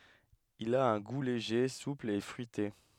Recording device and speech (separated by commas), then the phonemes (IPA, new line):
headset microphone, read sentence
il a œ̃ ɡu leʒe supl e fʁyite